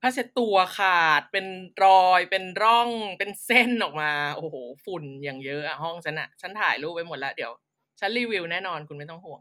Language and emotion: Thai, happy